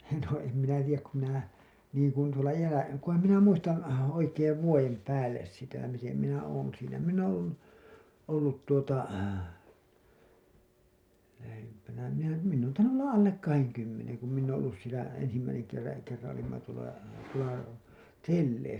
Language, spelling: Finnish, no en minä tiedä kun minä liikuin tuolla jäällä kunhan minä muistan oikein vuoden päälle sitä miten minä olen siinä minä olen ollut ollut tuota lähempänä minä minä olen tainnut olla alle kahden kymmenen kun minä olen ollut siellä ensimmäisen - kerran olimme tuolla tuolla telleissä
- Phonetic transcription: no em minä tij̆jäk ku minä , liikuin tuola 'jäälä , kuham minä 'muistan , oikeev 'vuojem 'päälles sitä mitem minä oon , siinä minn ‿oo̰ ollu , ollut tuota , lähempänä , minä , minn ‿oon tainnu '’olla "’allek "kaheŋ 'kymmeneŋ ku minn ‿ooo̰ ollus sielä , ensimmäiseŋ kerra- , kerraa̰ olimma tuola , tuola , "telleisä .

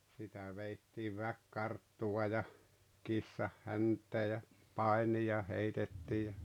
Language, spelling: Finnish, sitä vedettiin väkikarttua ja kissanhäntää ja painia heitettiin ja
- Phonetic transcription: sitä 'veittiiv "väkkarttuwa ja , 'kissahhänt̆tee ja , "pai̬nija 'heitettii ja ,.

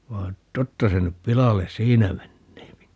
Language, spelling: Finnish, vaan totta se nyt pilalle siinä menee
- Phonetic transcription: 'vaa , 'totta se nyp 'pilales "siinä 'menneepi .

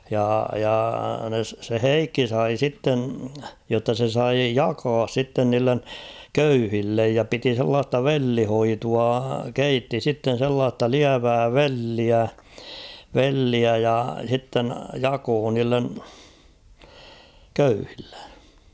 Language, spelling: Finnish, ja ja se Heikki sai sitten jotta se sai jakaa sitten niille köyhille ja piti sellaista vellihoitoa keitti sitten sellaista lievää velliä velliä ja sitten jakoi niille köyhille
- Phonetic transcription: ja , ja se "Heikki 'sai 'sitten̬ , jotta se 'sai "jaakas 'sitten niillen , "köyhillej ja 'piti sellaasta "vellihoitua , 'keitti 'sitten̬ sellaasta "liävää "velliä , "velliä ja 'h̬itten̳ "jakoo niillen , 'köyhillᴇ .

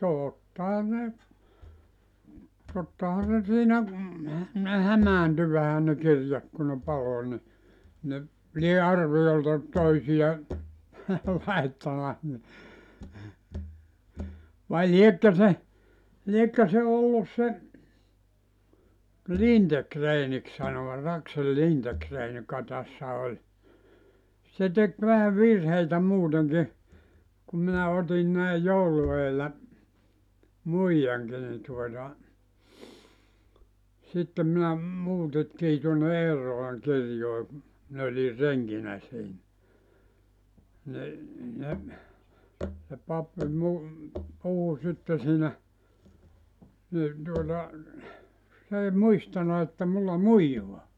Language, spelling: Finnish, tottahan ne tottahan se siinä ne hämääntyi vähän ne kirjat kun ne paloi niin ne lie arviolta toisia laittanut niin vai liekö se liekö se ollut se Lindegrenin sanovat Aksel Lindegren joka tässä oli se teki vähän virheitä muutenkin kun minä otin näin joulun edellä muijankin niin tuota sitten minä muutettiin tuonne Eerolan kirjoihin minä olin renkinä siinä niin ne se pappi - puhui sitten siinä niin tuota se ei muistanut että minulla muijaa
- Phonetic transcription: 'tòttaha ne , tottahan se 'siinä , ne 'hämäänty vähä ne 'kirjat ku ne 'palo ni , ne 'lie "arvijolta , 'toisija , 'laittana , ni , vai "liekkö se , 'liekkö se 'ollus se , "Lintekreenik sanovat 'Aksel "Lintekreen joka 'tässä oĺ , se 'tek vähä "virheitä 'muuteŋki , kum minä 'otin näi "joulu eellä , "muijaŋki ni tuota , 'sittem minä , 'muutettii tuonne "Eerrolaŋ 'kirjoe , 'min ‿olir "reŋkinä 'siinä , 'ni , ne , se 'pappi mu- , 'puhu sitte siinä , ni tuota , 's ‿ei "muistana että 'mulla "muijoa .

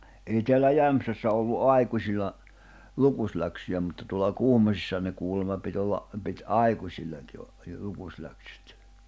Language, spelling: Finnish, ei täällä Jämsässä ollut aikuisilla lukusläksyjä mutta tuolla Kuhmoisissahan ne kuulema piti olla piti aikuisillekin - jo lukuläksyt
- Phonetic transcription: ei teällä "Jämᵖsässä ollu "’ai̬kuśilla , 'lukusläksyjä mutta tuolla 'Kuhmosissahan ne kuullema pit ‿olla , pit "’àikuśilleŋki o- , jo 'lukusläksʏt .

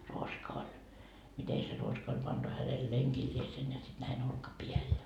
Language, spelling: Finnish, ruoska oli miten se ruoska oli pantu hänen lenkilleen ja sitten näin olkapäälle ja
- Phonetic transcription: 'ruoska oĺ , 'mite se 'ruoska oĺ 'pantu hänel "leŋkiĺliesen ja sit näi'n ‿olka"piäl ja .

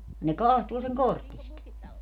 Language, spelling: Finnish, ne katsoo sen korteista
- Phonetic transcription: ne "kahtuu seŋ "kortist .

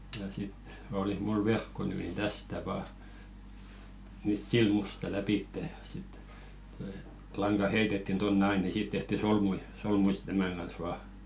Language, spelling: Finnish, ja sitten olisi minulla verkko nyt niin tästä vain nyt silmusta lävitse ja sitten tuo lanka heitettiin tuonne aina niin siitä tehtiin solmuja solmuja sitten tämän kanssa vain
- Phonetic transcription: ja sit , 'olih mul "verkko ny nin 'tästä vaa , nyt "silmusta 'läpìttè ja sit , toi 'laŋɢa "heitettin 'tonnᵉ "ai ni 'sìt tehti "solmui , 'solmui sɪt 'tämä̀ŋ ɢan̬s 'vaa .

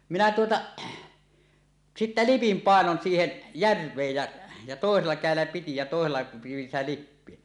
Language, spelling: Finnish, minä tuota sitten lipin painon siihen järveen ja ja toisella kädellä piti ja toisella pidin sitä lippiä
- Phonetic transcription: 'minä 'tuota , "sittä "lipim 'pàenon 'siihen , "järv̀eej jä , ja tòesella 'kä̀ellä piti ja tòesella piʲin sitä "lippie .

